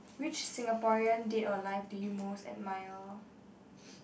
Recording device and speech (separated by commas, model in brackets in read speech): boundary microphone, conversation in the same room